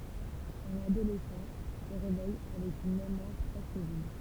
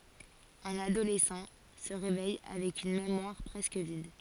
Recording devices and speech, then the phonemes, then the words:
temple vibration pickup, forehead accelerometer, read sentence
œ̃n adolɛsɑ̃ sə ʁevɛj avɛk yn memwaʁ pʁɛskə vid
Un adolescent se réveille avec une mémoire presque vide.

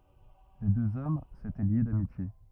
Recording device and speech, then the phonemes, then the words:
rigid in-ear microphone, read sentence
le døz ɔm setɛ lje damitje
Les deux hommes s’étaient liés d’amitié.

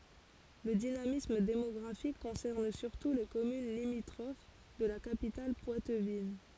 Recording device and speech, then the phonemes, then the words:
forehead accelerometer, read sentence
lə dinamism demɔɡʁafik kɔ̃sɛʁn syʁtu le kɔmyn limitʁof də la kapital pwatvin
Le dynamisme démographique concerne surtout les communes limitrophes de la capitale poitevine.

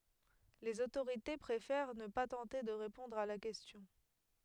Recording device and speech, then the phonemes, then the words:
headset microphone, read sentence
lez otoʁite pʁefɛʁ nə pa tɑ̃te də ʁepɔ̃dʁ a la kɛstjɔ̃
Les autorités préfèrent ne pas tenter de répondre à la question.

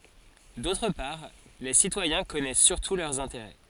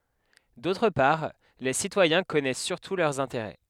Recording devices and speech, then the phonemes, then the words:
forehead accelerometer, headset microphone, read sentence
dotʁ paʁ le sitwajɛ̃ kɔnɛs syʁtu lœʁz ɛ̃teʁɛ
D'autre part, les citoyens connaissent surtout leurs intérêts.

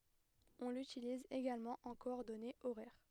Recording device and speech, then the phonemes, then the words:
headset microphone, read sentence
ɔ̃ lytiliz eɡalmɑ̃ ɑ̃ kɔɔʁdɔnez oʁɛʁ
On l’utilise également en coordonnées horaires.

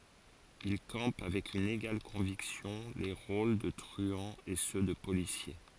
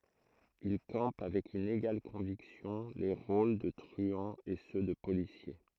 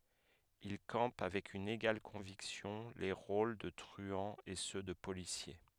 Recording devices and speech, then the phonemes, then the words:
forehead accelerometer, throat microphone, headset microphone, read sentence
il kɑ̃p avɛk yn eɡal kɔ̃viksjɔ̃ le ʁol də tʁyɑ̃z e sø də polisje
Il campe avec une égale conviction les rôles de truands et ceux de policiers.

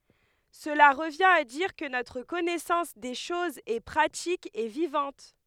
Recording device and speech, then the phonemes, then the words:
headset microphone, read sentence
səla ʁəvjɛ̃t a diʁ kə notʁ kɔnɛsɑ̃s de ʃozz ɛ pʁatik e vivɑ̃t
Cela revient à dire que notre connaissance des choses est pratique et vivante.

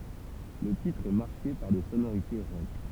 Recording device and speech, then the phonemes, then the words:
temple vibration pickup, read sentence
lə titʁ ɛ maʁke paʁ de sonoʁite ʁɔk
Le titre est marqué par des sonorités rock.

